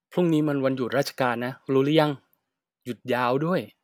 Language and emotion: Thai, frustrated